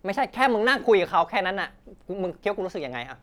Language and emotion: Thai, angry